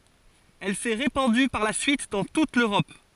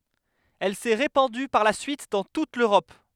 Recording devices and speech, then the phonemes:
forehead accelerometer, headset microphone, read sentence
ɛl sɛ ʁepɑ̃dy paʁ la syit dɑ̃ tut løʁɔp

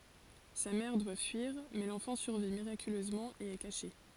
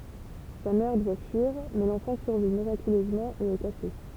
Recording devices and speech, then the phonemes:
forehead accelerometer, temple vibration pickup, read sentence
sa mɛʁ dwa fyiʁ mɛ lɑ̃fɑ̃ syʁvi miʁakyløzmɑ̃ e ɛ kaʃe

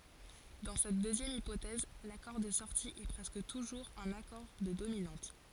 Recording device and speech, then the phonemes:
forehead accelerometer, read sentence
dɑ̃ sɛt døzjɛm ipotɛz lakɔʁ də sɔʁti ɛ pʁɛskə tuʒuʁz œ̃n akɔʁ də dominɑ̃t

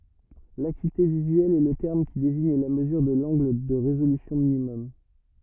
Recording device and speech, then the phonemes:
rigid in-ear microphone, read sentence
lakyite vizyɛl ɛ lə tɛʁm ki deziɲ la məzyʁ də lɑ̃ɡl də ʁezolysjɔ̃ minimɔm

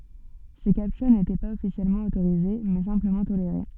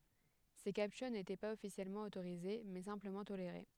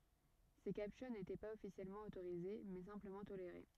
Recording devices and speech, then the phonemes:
soft in-ear microphone, headset microphone, rigid in-ear microphone, read sentence
se kaptyʁ netɛ paz ɔfisjɛlmɑ̃ otoʁize mɛ sɛ̃pləmɑ̃ toleʁe

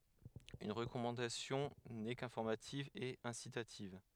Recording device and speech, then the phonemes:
headset microphone, read sentence
yn ʁəkɔmɑ̃dasjɔ̃ nɛ kɛ̃fɔʁmativ e ɛ̃sitativ

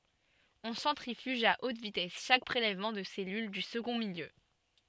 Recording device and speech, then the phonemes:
soft in-ear microphone, read sentence
ɔ̃ sɑ̃tʁifyʒ a ot vitɛs ʃak pʁelɛvmɑ̃ də sɛlyl dy səɡɔ̃ miljø

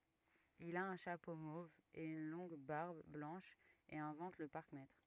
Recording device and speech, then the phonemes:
rigid in-ear microphone, read sentence
il a œ̃ ʃapo mov e yn lɔ̃ɡ baʁb blɑ̃ʃ e ɛ̃vɑ̃t lə paʁkmɛtʁ

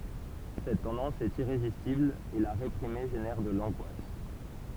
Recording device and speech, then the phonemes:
temple vibration pickup, read sentence
sɛt tɑ̃dɑ̃s ɛt iʁezistibl e la ʁepʁime ʒenɛʁ də lɑ̃ɡwas

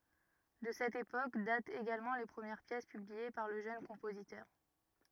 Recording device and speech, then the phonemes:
rigid in-ear microphone, read sentence
də sɛt epok datt eɡalmɑ̃ le pʁəmjɛʁ pjɛs pyblie paʁ lə ʒøn kɔ̃pozitœʁ

